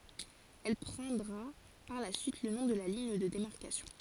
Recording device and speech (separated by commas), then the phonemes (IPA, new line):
forehead accelerometer, read sentence
ɛl pʁɑ̃dʁa paʁ la syit lə nɔ̃ də liɲ də demaʁkasjɔ̃